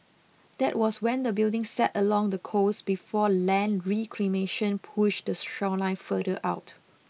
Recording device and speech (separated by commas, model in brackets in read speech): mobile phone (iPhone 6), read sentence